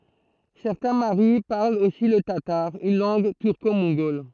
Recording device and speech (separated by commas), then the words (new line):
throat microphone, read sentence
Certains Maris parlent aussi le tatar, une langue turco-mongole.